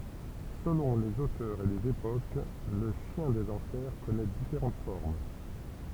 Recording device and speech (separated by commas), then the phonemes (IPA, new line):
temple vibration pickup, read sentence
səlɔ̃ lez otœʁz e lez epok lə ʃjɛ̃ dez ɑ̃fɛʁ kɔnɛ difeʁɑ̃t fɔʁm